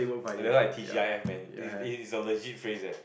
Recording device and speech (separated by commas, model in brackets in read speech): boundary microphone, conversation in the same room